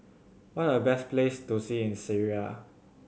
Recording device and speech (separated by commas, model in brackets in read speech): mobile phone (Samsung C7100), read sentence